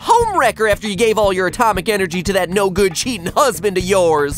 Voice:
feminine voice